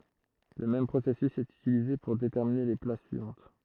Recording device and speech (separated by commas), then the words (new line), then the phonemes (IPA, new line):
throat microphone, read sentence
Le même processus est utilisé pour déterminer les places suivantes.
lə mɛm pʁosɛsys ɛt ytilize puʁ detɛʁmine le plas syivɑ̃t